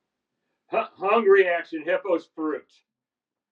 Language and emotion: English, fearful